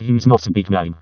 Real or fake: fake